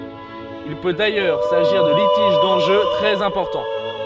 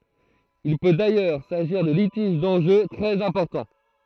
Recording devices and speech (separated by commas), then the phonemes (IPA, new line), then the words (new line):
soft in-ear microphone, throat microphone, read sentence
il pø dajœʁ saʒiʁ də litiʒ dɑ̃ʒø tʁɛz ɛ̃pɔʁtɑ̃
Il peut d'ailleurs s'agir de litiges d'enjeux très importants.